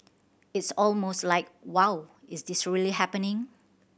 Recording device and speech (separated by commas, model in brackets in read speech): boundary microphone (BM630), read sentence